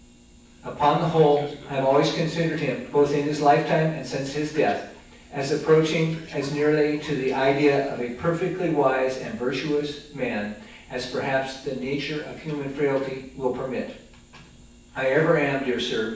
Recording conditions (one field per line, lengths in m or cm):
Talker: one person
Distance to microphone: 9.8 m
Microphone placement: far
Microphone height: 1.8 m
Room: large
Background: television